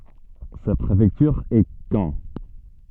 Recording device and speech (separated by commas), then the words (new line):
soft in-ear microphone, read sentence
Sa préfecture est Caen.